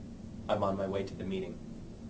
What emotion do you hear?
neutral